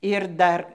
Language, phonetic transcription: Lithuanian, ir ˈdar

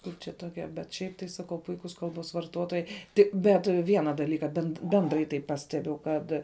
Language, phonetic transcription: Lithuanian, ˈkur čia toˈkia bet ˈšiaip tai saˈkau ˈpuikus ˈkalbos varˈtotojai ˈtik ˈbet ˈviena daˈlyka bend ˈbendrai tai ˈpastebiu ˈkad

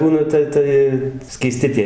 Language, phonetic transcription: Lithuanian, ˈbūna ta ˈtai skyˈsti tie

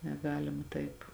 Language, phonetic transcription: Lithuanian, neˈgalima ˈtaip

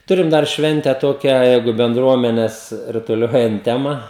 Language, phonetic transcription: Lithuanian, ˈturim dar ˈšvente ˈtokią ˈjeigu benˈdruomenes rutuˈliojant ˈtema

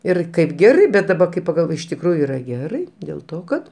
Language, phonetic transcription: Lithuanian, ˈir ˈkaip ˈgerai bet daˈba kai pagalˈvoj iš tikˈrųju ˈyra ˈgerai dėl ˈto ˈkad

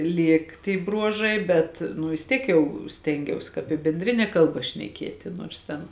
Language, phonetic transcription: Lithuanian, ˈlėk tie ˈbruožai bet ˈnu vis ˈtiek ˈjau ˈstengiaus kāp i benˈdrine ˈkalba šneˈkieti nuors ˈten

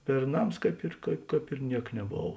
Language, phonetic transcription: Lithuanian, berˈnams ˈkaip ir ˈkāp ir ˈniek neˈbov

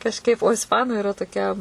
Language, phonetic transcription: Lithuanian, kažˈkaip o isˈpanu iˈra toˈkia

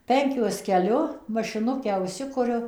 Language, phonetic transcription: Lithuanian, ˈpenkiuos keˈliu mašiˈnukę užˈsikuriu

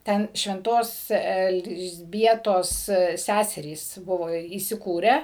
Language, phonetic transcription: Lithuanian, ˈten švenˈtos elzˈbietos ˈsæserys ˈbuvo įsiˈkūrę

